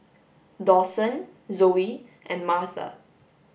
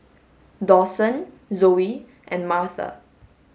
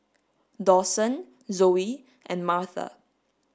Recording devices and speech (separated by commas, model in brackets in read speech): boundary microphone (BM630), mobile phone (Samsung S8), standing microphone (AKG C214), read sentence